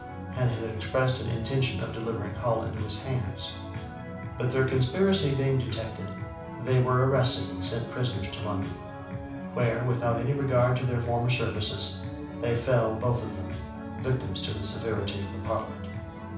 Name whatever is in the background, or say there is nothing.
Music.